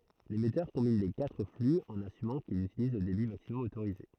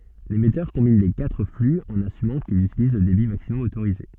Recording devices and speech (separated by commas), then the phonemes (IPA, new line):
throat microphone, soft in-ear microphone, read sentence
lemɛtœʁ kɔ̃bin le katʁ fly ɑ̃n asymɑ̃ kilz ytiliz lə debi maksimɔm otoʁize